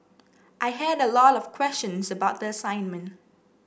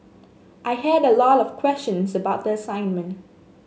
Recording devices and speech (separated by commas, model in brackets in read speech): boundary microphone (BM630), mobile phone (Samsung S8), read sentence